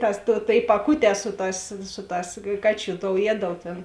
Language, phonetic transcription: Lithuanian, tas tuo tėi paˈkuˌtē ˈsu ˌtās ˈsu ˌtās ˈkaˌčių tou ˈjiedalu tėn

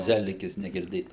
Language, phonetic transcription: Lithuanian, ˈzelikis negirˈdėta

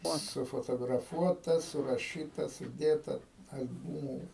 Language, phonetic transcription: Lithuanian, ˈot sufotograˈfuota suraˈšyta suˈdėta al'ˈbūmų

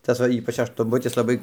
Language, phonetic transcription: Lithuanian, ˈtas va ˈypač aštunˈbutis laˈbai

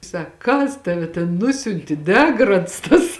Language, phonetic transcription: Lithuanian, ˈsak ˈkas ˈtave ten ˈnusiunti ˈdegrads tas

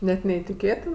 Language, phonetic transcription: Lithuanian, ˈnet neitiˈkėtin

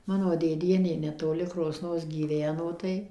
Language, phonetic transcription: Lithuanian, ˈmano dėˈdienė netoˈli kroˈsnos gyˈveno tai

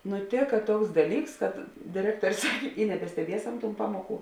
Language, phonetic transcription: Lithuanian, nuˈtėka ˈtuoks ˈdaˌlyks kad dėˈrektuor' ˈsakė i nebesteˈbiesam tūn ˈpamuoˌkų

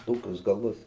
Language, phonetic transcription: Lithuanian, ˈtokius gaˈlus

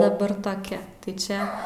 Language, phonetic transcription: Lithuanian, daˈbar toˈkia tai ˈčia

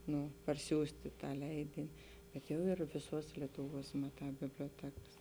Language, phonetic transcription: Lithuanian, ˈnu parˈsiųsti ˈtą ˈleidini bet ˈjau ir viˈsuos lietuˈvuos maˈtā biblioˈtekas

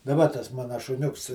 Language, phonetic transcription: Lithuanian, daˈba tas ˈmana šuˈniuks

